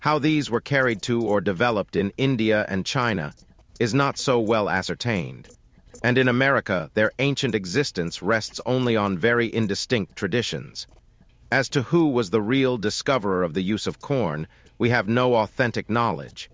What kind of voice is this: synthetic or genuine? synthetic